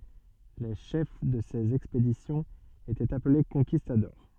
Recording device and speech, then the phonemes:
soft in-ear microphone, read sentence
le ʃɛf də sez ɛkspedisjɔ̃z etɛt aple kɔ̃kistadɔʁ

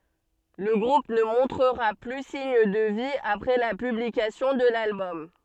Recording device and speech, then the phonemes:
soft in-ear microphone, read sentence
lə ɡʁup nə mɔ̃tʁəʁa ply siɲ də vi apʁɛ la pyblikasjɔ̃ də lalbɔm

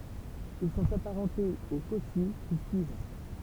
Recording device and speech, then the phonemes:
temple vibration pickup, read sentence
il sɔ̃t apaʁɑ̃tez o kɔsi ki syiv

